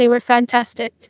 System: TTS, neural waveform model